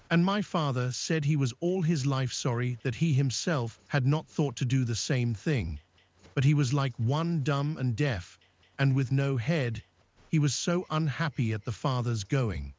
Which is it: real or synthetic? synthetic